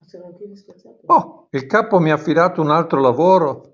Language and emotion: Italian, surprised